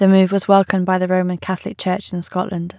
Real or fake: real